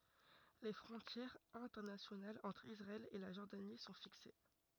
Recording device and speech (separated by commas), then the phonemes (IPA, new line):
rigid in-ear microphone, read sentence
le fʁɔ̃tjɛʁz ɛ̃tɛʁnasjonalz ɑ̃tʁ isʁaɛl e la ʒɔʁdani sɔ̃ fikse